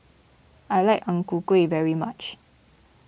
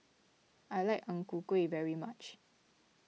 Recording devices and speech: boundary microphone (BM630), mobile phone (iPhone 6), read sentence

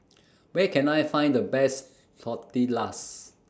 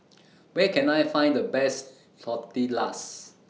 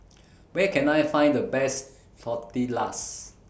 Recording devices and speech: standing microphone (AKG C214), mobile phone (iPhone 6), boundary microphone (BM630), read sentence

